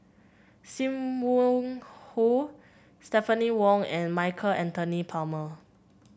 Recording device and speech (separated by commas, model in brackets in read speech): boundary microphone (BM630), read sentence